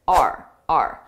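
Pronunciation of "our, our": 'Our' is said twice, both times very unstressed.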